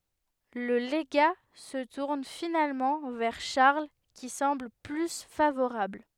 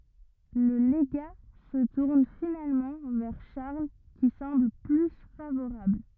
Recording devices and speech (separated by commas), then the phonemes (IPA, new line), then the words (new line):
headset microphone, rigid in-ear microphone, read sentence
lə leɡa sə tuʁn finalmɑ̃ vɛʁ ʃaʁl ki sɑ̃bl ply favoʁabl
Le légat se tourne finalement vers Charles qui semble plus favorable.